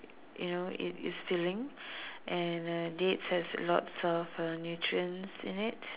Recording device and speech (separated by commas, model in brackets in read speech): telephone, conversation in separate rooms